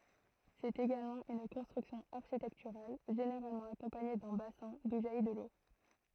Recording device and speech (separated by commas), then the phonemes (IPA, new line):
throat microphone, read sentence
sɛt eɡalmɑ̃ yn kɔ̃stʁyksjɔ̃ aʁʃitɛktyʁal ʒeneʁalmɑ̃ akɔ̃paɲe dœ̃ basɛ̃ du ʒaji də lo